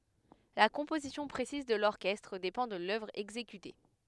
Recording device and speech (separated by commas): headset microphone, read sentence